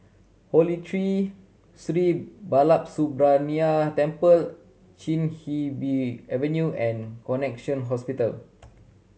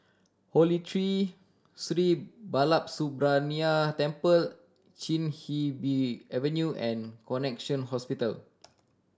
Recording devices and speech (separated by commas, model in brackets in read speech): mobile phone (Samsung C7100), standing microphone (AKG C214), read sentence